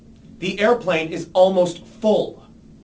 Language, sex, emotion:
English
male
angry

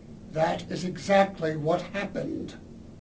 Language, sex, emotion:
English
male
angry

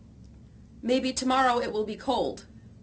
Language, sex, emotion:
English
female
neutral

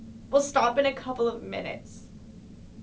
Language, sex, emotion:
English
female
sad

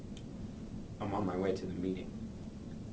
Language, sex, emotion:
English
male
neutral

